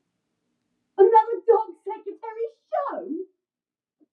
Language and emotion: English, surprised